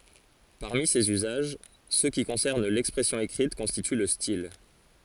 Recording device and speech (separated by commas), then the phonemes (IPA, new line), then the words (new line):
forehead accelerometer, read sentence
paʁmi sez yzaʒ sø ki kɔ̃sɛʁn lɛkspʁɛsjɔ̃ ekʁit kɔ̃stity lə stil
Parmi ces usages, ceux qui concernent l'expression écrite constituent le style.